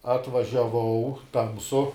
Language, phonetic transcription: Lithuanian, atvažiaˈvau ˈtamsu

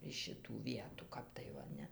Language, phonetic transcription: Lithuanian, iš šiˈtų ˈvietų ˈkap tai ˈva ˈne

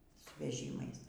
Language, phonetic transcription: Lithuanian, su veˈžymais

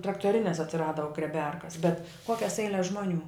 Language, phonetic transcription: Lithuanian, traktoˈrines atsiˈrada grieˈberkas bet ˈkokias ˈeiles ˈžmoˌnių

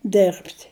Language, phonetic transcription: Lithuanian, ˈderbt'

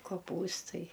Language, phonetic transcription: Lithuanian, koˈpūstai

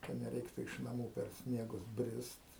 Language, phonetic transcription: Lithuanian, ka neˈreiktu iš naˈmų per ˈsniegus ˈbrist

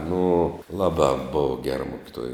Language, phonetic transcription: Lithuanian, nu ˈlaˌbā bov ger ˈmukiˌtuoj

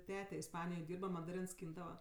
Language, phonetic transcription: Lithuanian, ˈtete isˈpanijoj ˈdyrba madaˈrins ˈskyndava

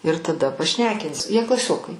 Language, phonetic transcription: Lithuanian, ir taˈda paˈšnekinsi jie klaˈsiokai

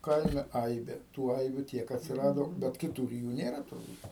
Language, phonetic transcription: Lithuanian, ˈkaime ˈaibė tų ˈaibių ˈtiek atsiˈrado bet kiˈtūr i ˈjų ˈnėra turˈbūt

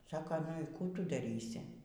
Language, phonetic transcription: Lithuanian, ˈsaka nu y ˈkų ˈtu daˈrysi

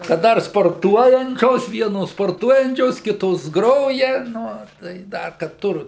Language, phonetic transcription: Lithuanian, kad ˈdar sporˈtuojančios ˈvienos sporˈtuojančios ˈkitos ˈgroja ˈnu tai ˈdar kad ˈtur

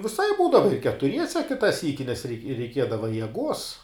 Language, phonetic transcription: Lithuanian, viˈsaip ˈbūdava i ketuˈriese ˈkita ˈsyki nes rei reiˈkiedava jeˈguos

